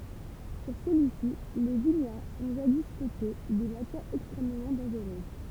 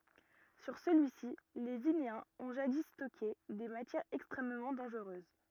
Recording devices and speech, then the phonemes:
temple vibration pickup, rigid in-ear microphone, read sentence
syʁ səlyi si le vineɛ̃z ɔ̃ ʒadi stɔke de matjɛʁz ɛkstʁɛmmɑ̃ dɑ̃ʒʁøz

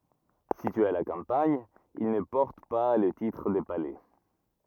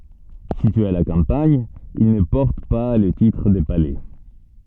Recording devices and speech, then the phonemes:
rigid in-ear microphone, soft in-ear microphone, read sentence
sityez a la kɑ̃paɲ il nə pɔʁt pa lə titʁ də palɛ

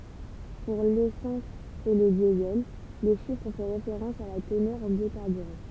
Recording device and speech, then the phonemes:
temple vibration pickup, read sentence
puʁ lesɑ̃s e lə djəzɛl lə ʃifʁ fɛ ʁefeʁɑ̃s a la tənœʁ ɑ̃ bjokaʁbyʁɑ̃

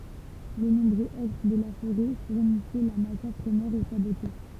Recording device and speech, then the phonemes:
temple vibration pickup, read sentence
le nɔ̃bʁø ɛtʁ də la foʁɛ fuʁnisɛ la matjɛʁ pʁəmjɛʁ o sabotje

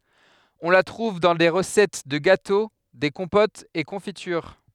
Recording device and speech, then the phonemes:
headset microphone, read sentence
ɔ̃ la tʁuv dɑ̃ de ʁəsɛt də ɡato de kɔ̃potz e kɔ̃fityʁ

